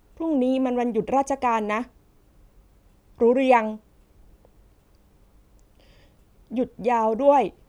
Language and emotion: Thai, neutral